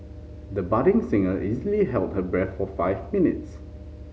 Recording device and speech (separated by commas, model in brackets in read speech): mobile phone (Samsung C5010), read sentence